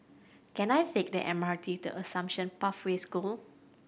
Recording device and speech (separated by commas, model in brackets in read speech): boundary microphone (BM630), read sentence